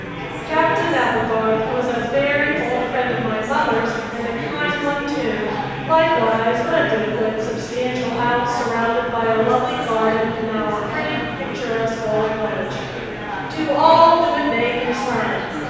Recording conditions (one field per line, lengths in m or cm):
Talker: one person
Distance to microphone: 7.1 m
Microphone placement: far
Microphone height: 1.7 m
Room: very reverberant, large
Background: babble